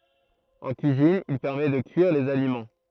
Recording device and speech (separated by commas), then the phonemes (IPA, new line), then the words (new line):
throat microphone, read sentence
ɑ̃ kyizin il pɛʁmɛ də kyiʁ dez alimɑ̃
En cuisine, il permet de cuire des aliments.